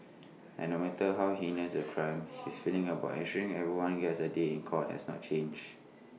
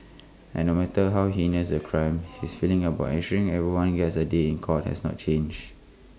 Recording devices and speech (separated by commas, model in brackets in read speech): mobile phone (iPhone 6), close-talking microphone (WH20), read sentence